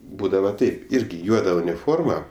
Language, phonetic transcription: Lithuanian, ˈbūdava ˈtaip ˈirgi ˈjuoda uniˈforma

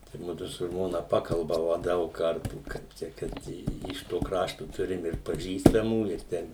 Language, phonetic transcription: Lithuanian, tai ˈmudu su ˈžmona ˈpakalbava ˈdaug ˈkartų kaip ˈčia ˈkad i iš ˈto ˈkrašto ˈturim ir paˈžįstamų ir ˈten

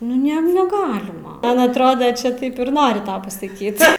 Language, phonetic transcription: Lithuanian, ˈnu ˈne neˈgalima ˈman atˈroda čia ˈtaip ir ˈnori ˈtau pasaˈkyt

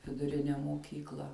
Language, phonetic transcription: Lithuanian, viduˈrine moˈkykla

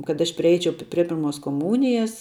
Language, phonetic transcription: Lithuanian, kad ˈaš priˈeičiau prie ˈpirmos koˈmūnijas

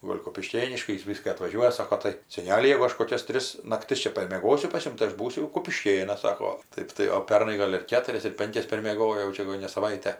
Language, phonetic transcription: Lithuanian, ˈgol' kupiˈškėniškai ˈjis ˈvyska atvaˈžiuoja ˈsako tai seˈneli jau ˈaš koˈkias ˈtris nakˈtis ˈčia parmieˈgosiu pas ˈjum tai ˈaš ˈbūsiu jau kupiˈškėnas ˈsako ˈtaip tai o ˈpernai ˈgol' ir ˈketurias ir ˈpenkias permieˈgojo jau ˈčia jegu ne saˈvaite

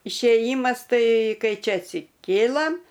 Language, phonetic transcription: Lithuanian, išėˈjymas ˈtai ˈkai ˈčia atsiˈkėlam

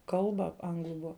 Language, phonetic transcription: Lithuanian, ˈkalba ˈanglu ˈbua

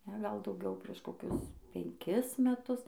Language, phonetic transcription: Lithuanian, ˈne gal dauˈgiau prieš koˈkius penˈkis meˈtus

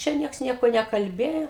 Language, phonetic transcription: Lithuanian, ˈčia ˈnieks ˈnieko nekalˈbėjo

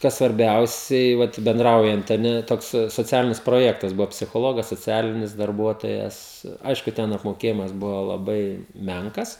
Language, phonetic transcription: Lithuanian, ˈkas svarˈbiausiai vat benˈdraujant a ˈne ˈtoks soˈcialinis proˈjektas ˈbuvo psichoˈlogas soˈcialinis darˈbuotojas ˈaišku ten apmoˈkėjimas ˈbuvo laˈbai ˈmenkas

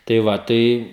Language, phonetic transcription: Lithuanian, tai ˈva ˈtai

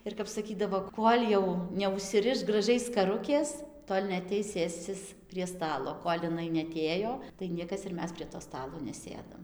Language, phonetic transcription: Lithuanian, ir kap saˈkydavo ˈkol' jau neužsiˈriš graˈžiai skaˈrukės ˈtol' neaˈteis ˈsėscis prie ˈstalo ˈkol' iˈnai neaˈtėjo tai ˈniekas ir ˈmes prie to ˈstalo neˈsėdam

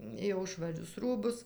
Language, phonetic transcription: Lithuanian, jau švaˈrius ˈrūbus

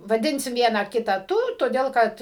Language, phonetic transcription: Lithuanian, vaˈdinsim ˈvieną ˈkitą ˈtu toˈdėl ˈkad

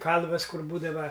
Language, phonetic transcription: Lithuanian, ˈkalvas ˈkur ˈbūdava

